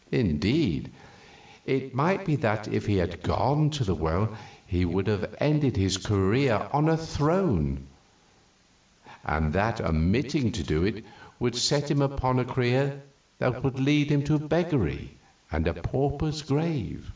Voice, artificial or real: real